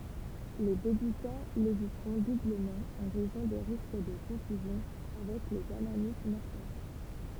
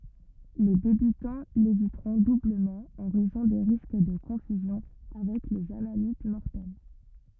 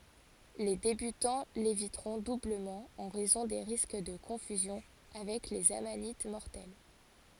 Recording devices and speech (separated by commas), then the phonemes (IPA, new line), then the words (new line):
temple vibration pickup, rigid in-ear microphone, forehead accelerometer, read sentence
le debytɑ̃ levitʁɔ̃ dubləmɑ̃ ɑ̃ ʁɛzɔ̃ de ʁisk də kɔ̃fyzjɔ̃ avɛk lez amanit mɔʁtɛl
Les débutants l'éviteront doublement en raison des risques de confusion avec les amanites mortelles.